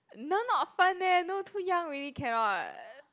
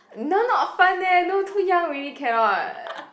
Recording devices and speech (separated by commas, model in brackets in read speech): close-talking microphone, boundary microphone, conversation in the same room